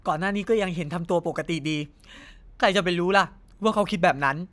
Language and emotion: Thai, frustrated